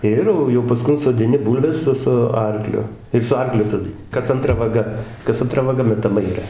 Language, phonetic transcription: Lithuanian, ˈir jau jau paˈskun sodiˈni ˈbūlves ˈsu su ˈarkliu ir su ˈarkliu sodiˈni ˈkas anˈtra vaˈga kas anˈtra vaˈga metaˈma yˈra

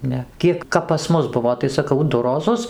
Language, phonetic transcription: Lithuanian, ˈne ˈkiek kap pas ˈmus ˈbuvo tai saˈkau ˈdu roˈzus

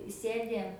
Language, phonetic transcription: Lithuanian, ˈsėdi

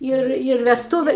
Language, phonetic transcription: Lithuanian, ˈir ir vesˈtūve

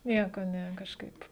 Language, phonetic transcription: Lithuanian, ˈnieko ˈne kažˈkaip

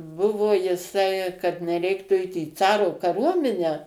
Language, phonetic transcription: Lithuanian, ˈbuvo jiˈsai kad neˈreiktų ˈeit į ˈcaro kaˈruominę

